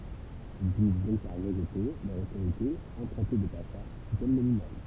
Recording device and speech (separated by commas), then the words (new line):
temple vibration pickup, read sentence
Ils finissent donc par rejeter, leur autorité empruntée de pacha, fut-elle nominale.